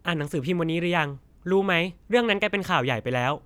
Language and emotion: Thai, frustrated